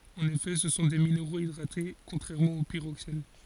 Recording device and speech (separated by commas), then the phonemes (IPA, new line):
forehead accelerometer, read sentence
ɑ̃n efɛ sə sɔ̃ de mineʁoz idʁate kɔ̃tʁɛʁmɑ̃ o piʁoksɛn